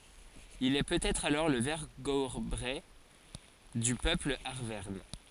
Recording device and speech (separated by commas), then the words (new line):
forehead accelerometer, read sentence
Il est peut-être alors le vergobret du peuple arverne.